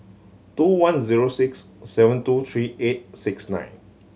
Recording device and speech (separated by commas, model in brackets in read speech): mobile phone (Samsung C7100), read sentence